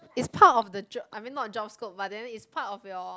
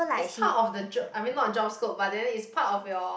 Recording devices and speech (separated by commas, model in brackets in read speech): close-talking microphone, boundary microphone, conversation in the same room